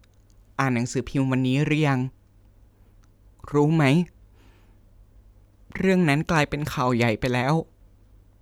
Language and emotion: Thai, sad